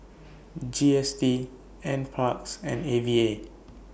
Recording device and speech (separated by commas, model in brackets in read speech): boundary microphone (BM630), read sentence